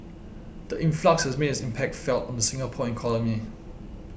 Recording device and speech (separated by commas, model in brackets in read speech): boundary microphone (BM630), read sentence